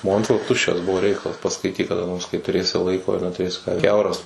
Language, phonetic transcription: Lithuanian, ˈmontvila ˈtuščias ˈbuvo ˈreikalas paskaiˈtyk kaˈda nors kai tuˈrėsi ˈlaiko ir netuˈrėsi ˈkiauras

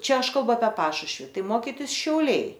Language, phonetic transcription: Lithuanian, ˈčia ˈaš kalˈbu apie ˈpašušvi ˈtai ˈmokitis šiauˈliai

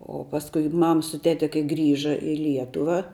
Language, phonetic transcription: Lithuanian, o pasˈkui ˈmam su ˈtete kai ˈgrįža i ˈlietuva

